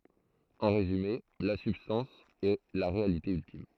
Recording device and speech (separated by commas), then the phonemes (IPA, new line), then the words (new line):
throat microphone, read sentence
ɑ̃ ʁezyme la sybstɑ̃s ɛ la ʁealite yltim
En résumé, la substance est la réalité ultime.